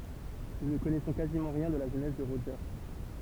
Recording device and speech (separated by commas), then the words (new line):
temple vibration pickup, read sentence
Nous ne connaissons quasiment rien de la jeunesse de Roger.